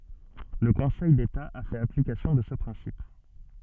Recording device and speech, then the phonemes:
soft in-ear microphone, read sentence
lə kɔ̃sɛj deta a fɛt aplikasjɔ̃ də sə pʁɛ̃sip

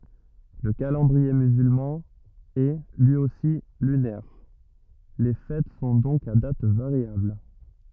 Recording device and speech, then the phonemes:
rigid in-ear microphone, read sentence
lə kalɑ̃dʁie myzylmɑ̃ ɛ lyi osi lynɛʁ le fɛt sɔ̃ dɔ̃k a dat vaʁjabl

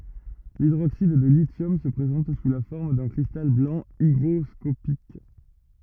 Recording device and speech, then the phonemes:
rigid in-ear microphone, read sentence
lidʁoksid də lisjɔm sə pʁezɑ̃t su la fɔʁm dœ̃ kʁistal blɑ̃ iɡʁɔskopik

